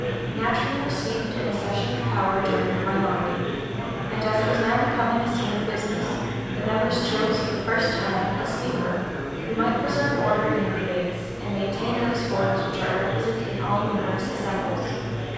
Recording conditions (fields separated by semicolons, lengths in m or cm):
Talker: one person; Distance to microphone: 7.1 m; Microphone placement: far; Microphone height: 1.7 m; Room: very reverberant, large; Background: babble